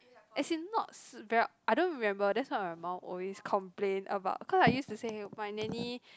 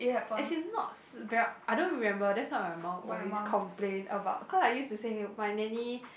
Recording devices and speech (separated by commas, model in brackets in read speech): close-talking microphone, boundary microphone, conversation in the same room